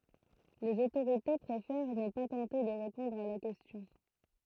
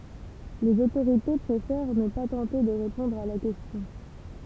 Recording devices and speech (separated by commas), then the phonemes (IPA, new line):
throat microphone, temple vibration pickup, read sentence
lez otoʁite pʁefɛʁ nə pa tɑ̃te də ʁepɔ̃dʁ a la kɛstjɔ̃